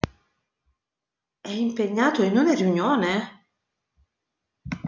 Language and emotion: Italian, surprised